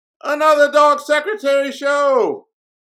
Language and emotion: English, neutral